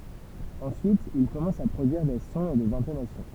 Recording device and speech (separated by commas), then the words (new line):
temple vibration pickup, read sentence
Ensuite, il commence à produire des sons et des intonations.